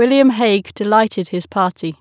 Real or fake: real